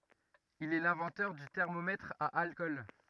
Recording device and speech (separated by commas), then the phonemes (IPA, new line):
rigid in-ear microphone, read sentence
il ɛ lɛ̃vɑ̃tœʁ dy tɛʁmomɛtʁ a alkɔl